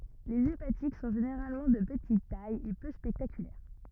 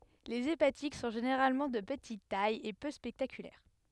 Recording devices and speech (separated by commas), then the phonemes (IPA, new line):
rigid in-ear microphone, headset microphone, read sentence
lez epatik sɔ̃ ʒeneʁalmɑ̃ də pətit taj e pø spɛktakylɛʁ